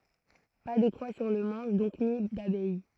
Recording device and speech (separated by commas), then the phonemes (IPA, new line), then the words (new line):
throat microphone, read sentence
pa də kʁwa syʁ lə mɑ̃ʃ dɔ̃k ni dabɛj
Pas de croix sur le manche donc, ni d'abeille.